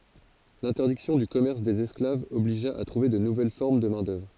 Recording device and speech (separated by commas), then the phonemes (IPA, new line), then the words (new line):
forehead accelerometer, read sentence
lɛ̃tɛʁdiksjɔ̃ dy kɔmɛʁs dez ɛsklavz ɔbliʒa a tʁuve də nuvɛl fɔʁm də mɛ̃dœvʁ
L'interdiction du commerce des esclaves obligea à trouver de nouvelles formes de main-d'œuvre.